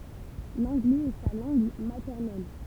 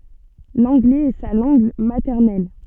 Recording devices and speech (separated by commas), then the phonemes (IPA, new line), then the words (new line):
temple vibration pickup, soft in-ear microphone, read sentence
lɑ̃ɡlɛz ɛ sa lɑ̃ɡ matɛʁnɛl
L'anglais est sa langue maternelle.